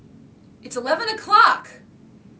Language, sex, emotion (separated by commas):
English, female, angry